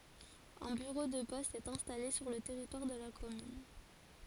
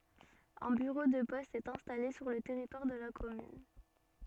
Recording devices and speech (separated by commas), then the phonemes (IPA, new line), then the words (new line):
forehead accelerometer, soft in-ear microphone, read sentence
œ̃ byʁo də pɔst ɛt ɛ̃stale syʁ lə tɛʁitwaʁ də la kɔmyn
Un bureau de poste est installé sur le territoire de la commune.